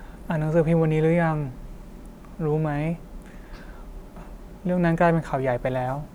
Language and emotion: Thai, frustrated